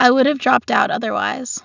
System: none